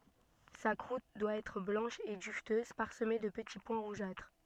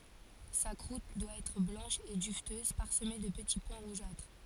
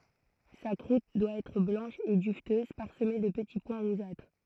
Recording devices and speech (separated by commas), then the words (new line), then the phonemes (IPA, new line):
soft in-ear microphone, forehead accelerometer, throat microphone, read sentence
Sa croûte doit être blanche et duveteuse, parsemée de petits points rougeâtres.
sa kʁut dwa ɛtʁ blɑ̃ʃ e dyvtøz paʁsəme də pəti pwɛ̃ ʁuʒatʁ